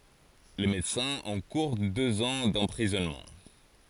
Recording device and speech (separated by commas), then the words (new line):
forehead accelerometer, read sentence
Les médecins encourent deux ans d'emprisonnement.